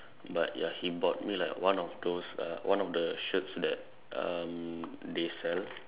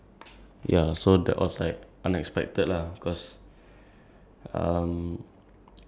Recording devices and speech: telephone, standing microphone, conversation in separate rooms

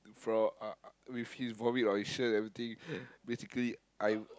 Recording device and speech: close-talking microphone, conversation in the same room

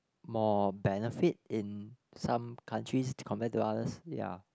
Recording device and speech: close-talking microphone, conversation in the same room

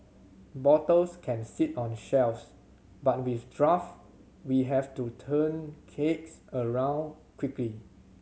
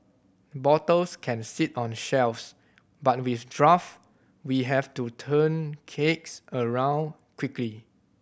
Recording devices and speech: mobile phone (Samsung C7100), boundary microphone (BM630), read sentence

